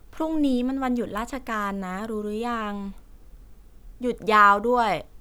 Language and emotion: Thai, frustrated